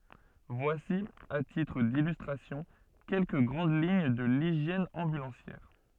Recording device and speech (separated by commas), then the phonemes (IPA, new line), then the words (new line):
soft in-ear microphone, read sentence
vwasi a titʁ dilystʁasjɔ̃ kɛlkə ɡʁɑ̃d liɲ də liʒjɛn ɑ̃bylɑ̃sjɛʁ
Voici à titre d'illustration quelques grandes lignes de l'hygiène ambulancière.